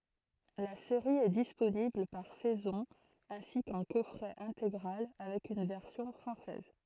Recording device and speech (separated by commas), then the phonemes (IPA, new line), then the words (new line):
throat microphone, read sentence
la seʁi ɛ disponibl paʁ sɛzɔ̃ ɛ̃si kɑ̃ kɔfʁɛ ɛ̃teɡʁal avɛk yn vɛʁsjɔ̃ fʁɑ̃sɛz
La série est disponible par saison ainsi qu'en coffret intégrale, avec une version française.